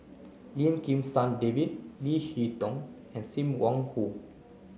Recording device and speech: mobile phone (Samsung C9), read sentence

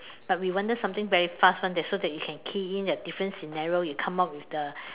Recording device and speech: telephone, conversation in separate rooms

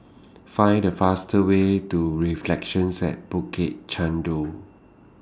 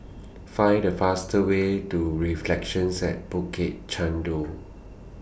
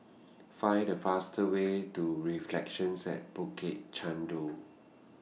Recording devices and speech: standing microphone (AKG C214), boundary microphone (BM630), mobile phone (iPhone 6), read sentence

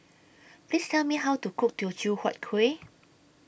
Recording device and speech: boundary microphone (BM630), read sentence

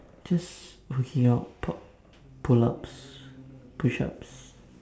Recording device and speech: standing microphone, conversation in separate rooms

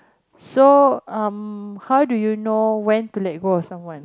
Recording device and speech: close-talking microphone, conversation in the same room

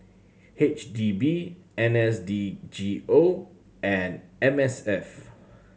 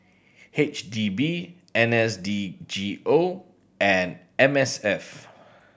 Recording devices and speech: mobile phone (Samsung C7100), boundary microphone (BM630), read sentence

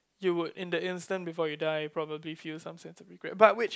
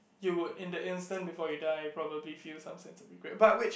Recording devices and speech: close-talking microphone, boundary microphone, conversation in the same room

